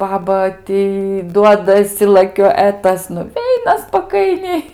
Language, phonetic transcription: Lithuanian, ˈbaba ˈtį ˈduodasi laˈkio e ˈtas nuˈveina spaˈkainiai

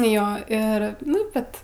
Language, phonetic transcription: Lithuanian, ˈjo ˈir ˈnu ˈbet

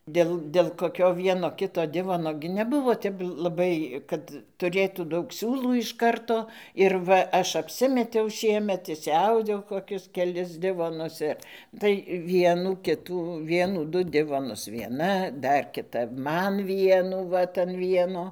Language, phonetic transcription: Lithuanian, ˈdėl dėl koˈkio ˈvieno ˈkito ˈdivono gi neˈbuvo ˈtep laˈbai ˈkad tuˈrėtų ˈdaug ˈsiūlų iš ˈkarto ir ˈva ˈaš apˈsimetiau ˈšiemet išsiˈaudiau koˈkius keˈlis ˈdivonus ir tai ˈvienų ˈkitų ˈvienų ˈdu ˈdivonus vieˈna ˈdar kiˈta ˈman ˈvienų ˈvat an ˈvieno

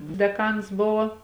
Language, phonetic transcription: Lithuanian, deˈkans ˈbuvo

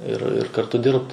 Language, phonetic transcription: Lithuanian, ir ir karˈtu ˈdirbt

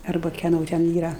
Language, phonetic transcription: Lithuanian, arˈba keˈno ten ˈyra

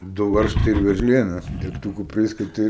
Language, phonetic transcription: Lithuanian, ˈdu ˈvaržtai ir verˈžlėnas degˈtukų ˈpriskuti

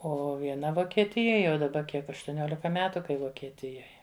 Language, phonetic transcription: Lithuanian, ˈo vieˈna vokieˈtijoj jau daˈba ˈkiek aštuˈniolika ˈmetu kai vokieˈtijoj

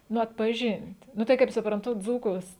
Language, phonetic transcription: Lithuanian, ˈnu atpaˈžin't' ˈnu tai kaip supranˈtu ˈdzūkus

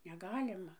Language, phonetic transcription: Lithuanian, neˈgalima

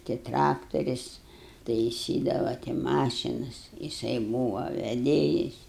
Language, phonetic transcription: Lithuanian, tai ˈtraktoris taiˈsydava tai ˈmašinas jiˈsai ˈbūva veˈdėjis

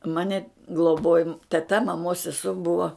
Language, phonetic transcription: Lithuanian, ˈmani gloˈbojo teˈta maˈmos seˈsuo ˈbuvo

